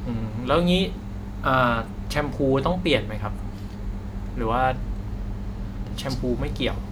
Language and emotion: Thai, neutral